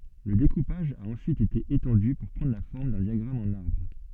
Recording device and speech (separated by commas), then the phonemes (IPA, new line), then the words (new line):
soft in-ear microphone, read sentence
lə dekupaʒ a ɑ̃syit ete etɑ̃dy puʁ pʁɑ̃dʁ la fɔʁm dœ̃ djaɡʁam ɑ̃n aʁbʁ
Le découpage a ensuite été étendu pour prendre la forme d'un diagramme en arbre.